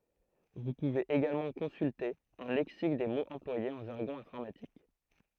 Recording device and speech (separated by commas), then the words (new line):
throat microphone, read sentence
Vous pouvez également consulter un lexique des mots employés en jargon informatique.